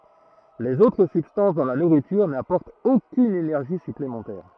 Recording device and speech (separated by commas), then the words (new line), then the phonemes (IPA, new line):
throat microphone, read sentence
Les autres substances dans la nourriture n'apportent aucune énergie supplémentaire.
lez otʁ sybstɑ̃s dɑ̃ la nuʁityʁ napɔʁtt okyn enɛʁʒi syplemɑ̃tɛʁ